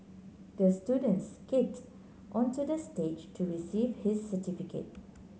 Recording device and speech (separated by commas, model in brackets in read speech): mobile phone (Samsung C9), read sentence